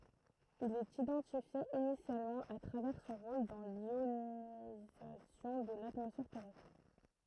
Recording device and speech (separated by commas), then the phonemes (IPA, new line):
throat microphone, read sentence
il ɛt idɑ̃tifje inisjalmɑ̃ a tʁavɛʁ sɔ̃ ʁol dɑ̃ ljonizasjɔ̃ də latmɔsfɛʁ tɛʁɛstʁ